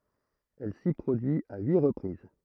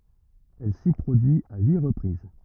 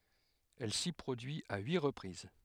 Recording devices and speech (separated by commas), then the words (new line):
throat microphone, rigid in-ear microphone, headset microphone, read sentence
Elle s'y produit à huit reprises.